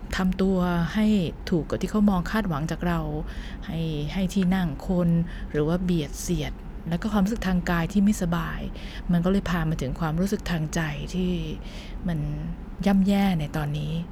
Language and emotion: Thai, frustrated